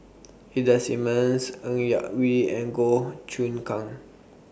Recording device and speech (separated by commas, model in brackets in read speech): boundary microphone (BM630), read sentence